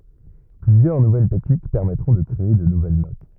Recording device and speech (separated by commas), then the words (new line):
rigid in-ear microphone, read sentence
Plusieurs nouvelles techniques permettront de créer de nouvelles notes.